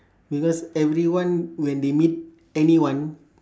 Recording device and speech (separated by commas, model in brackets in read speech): standing microphone, conversation in separate rooms